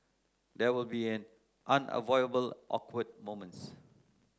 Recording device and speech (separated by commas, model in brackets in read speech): close-talking microphone (WH30), read sentence